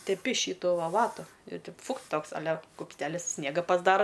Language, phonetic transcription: Lithuanian, teˈpi ˈšytu va ˈvatu ir teip ˈfukt ˈtoks aˈle kupsˈtelis ˈsniega pasˈdara

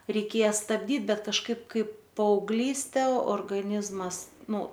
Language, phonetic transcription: Lithuanian, reiˈkėja stabˈdyt ˈbet kažˈkaip ˈkaip paaugˈlyste orgaˈnizmas ˈnu

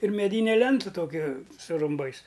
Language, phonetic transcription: Lithuanian, ir meˈdyne ˈlentu ˈtoki su rumˈbais

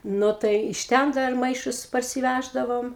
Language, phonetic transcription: Lithuanian, ˈnu tai iš ˈten ˈdar ˈmaišus parsiˈvæždavom

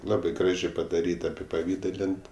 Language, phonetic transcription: Lithuanian, ˈlabɜ ˈgražė padaˈryt apipaˈvydalint

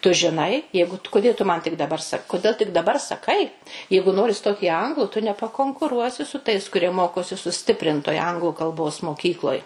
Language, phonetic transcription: Lithuanian, tu žiˈnai ˈjeigu tu kuˈdė tu ˈman tik daˈbar ˈsak kuˈdėl tik daˈbar saˈkai ˈjeigu ˈnori ˈstot į ˈanglu tu nepakonkuˈruosi su tais kuˈrie ˈmokosi suˈstiprintoj ˈanglu kalˈbos moˈkykloj

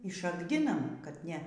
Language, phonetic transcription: Lithuanian, i ˈšakdinam kad ˈne

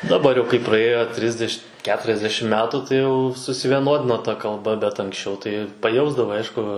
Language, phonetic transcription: Lithuanian, daˈbar jau kai praˈėjo ˈtrisdeš ˈketriasdešim ˈmetų tai ˈjau susivieˈnodino ta kalˈba bet anksˈčiau tai paˈjausdavai ˈaišku

